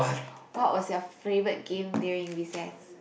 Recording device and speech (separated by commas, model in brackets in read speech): boundary microphone, conversation in the same room